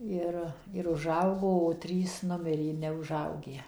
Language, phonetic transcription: Lithuanian, ˈir ir uˈžaugo o ˈtrys ˈnumirė i neuˈžaugę

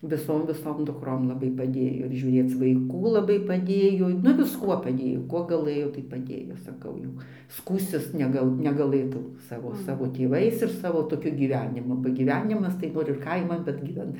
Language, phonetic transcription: Lithuanian, viˈsom viˈsom dukˈrom laˈbai paˈdėjo ir žiūˈrėc vaiˈkų laˈbai paˈdėjo nu visˈkuo paˈdėjo ˈkuo gaˈlɘjo tai paˈdėjo saˈkau jau ˈskųstis ˈnegal negaˈlɘtau ˈsavo ˈsavo tėˈvais ir ˈsavo toˈkiu gyˈvenimu ba gyˈvenimas tai ˈnor ir ˈkaiman bet gyˈven

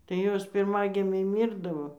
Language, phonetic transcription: Lithuanian, tai ˈjos pirˈmagimiai ˈmyrdavo

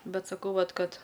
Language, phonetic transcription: Lithuanian, ˈbet saˈkau ˈvat ˈkad

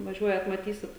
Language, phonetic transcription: Lithuanian, vaˈžiuojat maˈtysit

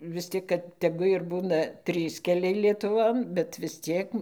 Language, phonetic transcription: Lithuanian, vis ˈtik kad teˈgu ir ˈbūna ˈtrys keˈliai lietuˈvon bet vis ˈciek

